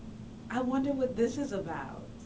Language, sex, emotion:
English, female, neutral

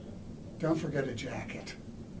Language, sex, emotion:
English, male, neutral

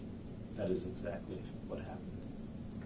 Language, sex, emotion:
English, male, neutral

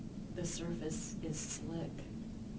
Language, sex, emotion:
English, female, neutral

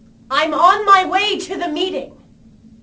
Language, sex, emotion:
English, female, angry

